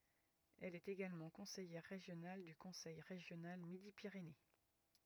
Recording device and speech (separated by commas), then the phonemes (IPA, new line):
rigid in-ear microphone, read sentence
ɛl ɛt eɡalmɑ̃ kɔ̃sɛjɛʁ ʁeʒjonal dy kɔ̃sɛj ʁeʒjonal midi piʁene